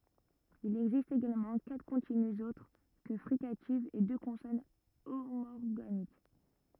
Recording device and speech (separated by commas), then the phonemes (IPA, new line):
rigid in-ear microphone, read sentence
il ɛɡzist eɡalmɑ̃ katʁ kɔ̃tinyz otʁ kə fʁikativz e dø kɔ̃sɔn omɔʁɡanik